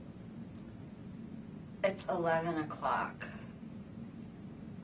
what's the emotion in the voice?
disgusted